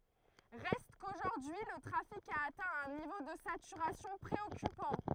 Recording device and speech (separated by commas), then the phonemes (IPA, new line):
throat microphone, read sentence
ʁɛst koʒuʁdyi lə tʁafik a atɛ̃ œ̃ nivo də satyʁasjɔ̃ pʁeɔkypɑ̃